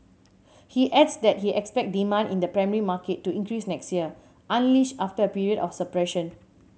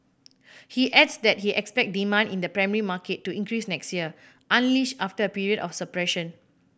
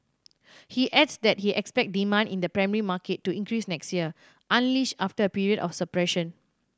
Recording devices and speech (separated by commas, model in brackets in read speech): mobile phone (Samsung C7100), boundary microphone (BM630), standing microphone (AKG C214), read sentence